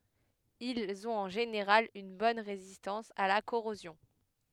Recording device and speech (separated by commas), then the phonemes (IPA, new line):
headset microphone, read sentence
ilz ɔ̃t ɑ̃ ʒeneʁal yn bɔn ʁezistɑ̃s a la koʁozjɔ̃